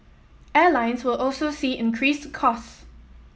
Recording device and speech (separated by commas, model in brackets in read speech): mobile phone (iPhone 7), read sentence